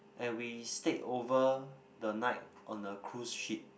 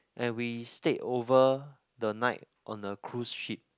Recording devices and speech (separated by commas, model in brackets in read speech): boundary microphone, close-talking microphone, conversation in the same room